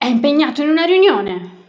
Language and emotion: Italian, angry